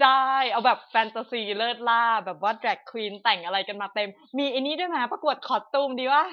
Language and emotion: Thai, happy